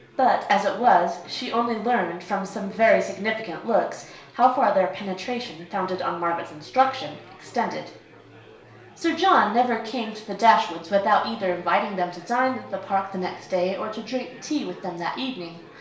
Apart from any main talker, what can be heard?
Crowd babble.